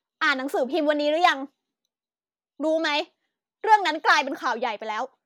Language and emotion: Thai, angry